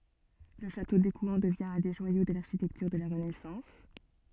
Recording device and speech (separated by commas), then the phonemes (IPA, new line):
soft in-ear microphone, read sentence
lə ʃato dekwɛ̃ dəvjɛ̃ œ̃ de ʒwajo də laʁʃitɛktyʁ də la ʁənɛsɑ̃s